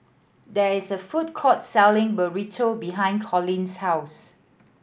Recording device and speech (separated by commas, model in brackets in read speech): boundary microphone (BM630), read sentence